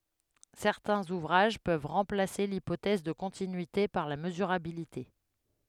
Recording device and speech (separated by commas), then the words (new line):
headset microphone, read sentence
Certains ouvrages peuvent remplacer l'hypothèse de continuité par la mesurabilité.